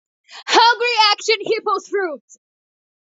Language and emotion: English, sad